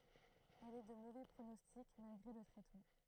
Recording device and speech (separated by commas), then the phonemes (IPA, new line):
throat microphone, read sentence
ɛl ɛ də movɛ pʁonɔstik malɡʁe lə tʁɛtmɑ̃